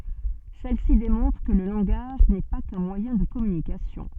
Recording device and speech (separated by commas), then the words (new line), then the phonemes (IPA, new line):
soft in-ear microphone, read sentence
Celle-ci démontre que le langage n'est pas qu'un moyen de communication.
sɛl si demɔ̃tʁ kə lə lɑ̃ɡaʒ nɛ pa kœ̃ mwajɛ̃ də kɔmynikasjɔ̃